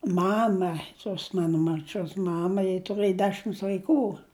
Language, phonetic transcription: Lithuanian, ˈmama tos ˈmano marˈčios ˈmama ji tuˈrɘji ˈdešims vaiˈkų

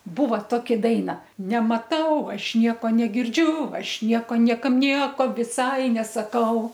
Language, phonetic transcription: Lithuanian, ˈbūva ˈtoki ˈdaina nemaˈtau ˈaš ˈnieko negirˈdžiu ˈaš ˈnieko ˈniekam ˈnieko viˈsai nesaˈkau

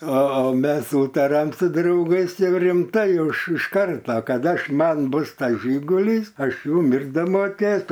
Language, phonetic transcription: Lithuanian, o ˈmes ˈsūtariam su drauˈgais ˈjau rimˈtai ˈjau iš iš ˈkarta kad ˈaš ˈman ˈbus tas ˈžygulys ˈaš ˈjum ir damoˈkėt

